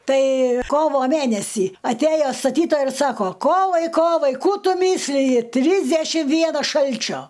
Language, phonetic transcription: Lithuanian, ˈtai ˈkovo ˈmænesį atˈæjo staˈtytojai ir ˈsako ˈkovai ˈkovai ˈkų ˈtu ˈmysliji ˈtrysdešim ˈvienas ˈšalčio

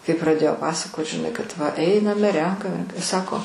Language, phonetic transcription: Lithuanian, kai praˈdėjo ˈpasakot žiˈnai kad va ˈeiname ˈrenkame ˈsako

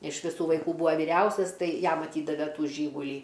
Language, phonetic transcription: Lithuanian, iš viˈsų vaiˈkų ˈbūva viˈriausias ˈtai ˈjam aˈtydave ˈtų ˈžygulį

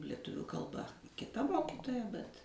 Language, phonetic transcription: Lithuanian, lieˈtuviu kalˈba kiˈta ˈmokitoja bet

